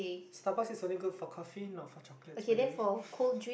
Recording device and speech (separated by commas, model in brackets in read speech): boundary microphone, conversation in the same room